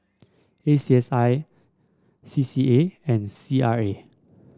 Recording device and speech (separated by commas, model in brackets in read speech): standing microphone (AKG C214), read sentence